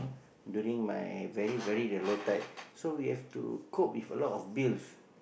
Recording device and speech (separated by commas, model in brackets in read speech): boundary microphone, conversation in the same room